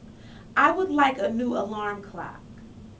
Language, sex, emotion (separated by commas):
English, female, neutral